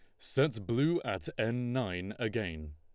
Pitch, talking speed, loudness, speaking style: 115 Hz, 140 wpm, -33 LUFS, Lombard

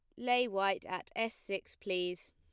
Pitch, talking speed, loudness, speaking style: 195 Hz, 170 wpm, -35 LUFS, plain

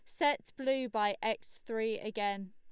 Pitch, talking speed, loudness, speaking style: 220 Hz, 155 wpm, -35 LUFS, Lombard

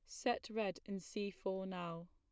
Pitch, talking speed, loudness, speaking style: 195 Hz, 190 wpm, -43 LUFS, plain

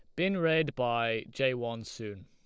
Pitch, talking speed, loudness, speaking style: 120 Hz, 175 wpm, -31 LUFS, Lombard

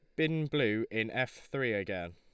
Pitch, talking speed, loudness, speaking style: 110 Hz, 185 wpm, -33 LUFS, Lombard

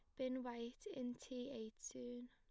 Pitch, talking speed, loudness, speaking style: 245 Hz, 170 wpm, -49 LUFS, plain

